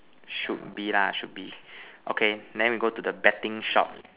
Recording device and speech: telephone, conversation in separate rooms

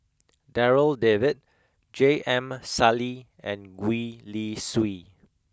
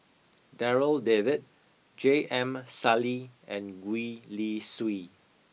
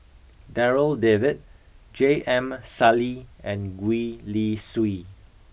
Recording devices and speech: close-talking microphone (WH20), mobile phone (iPhone 6), boundary microphone (BM630), read sentence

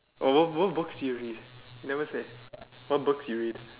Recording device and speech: telephone, conversation in separate rooms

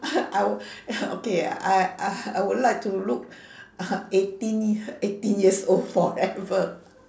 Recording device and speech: standing microphone, conversation in separate rooms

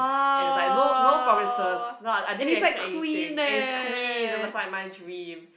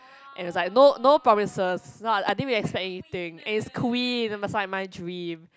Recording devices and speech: boundary microphone, close-talking microphone, conversation in the same room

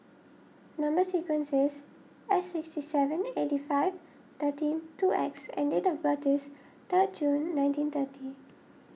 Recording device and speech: mobile phone (iPhone 6), read sentence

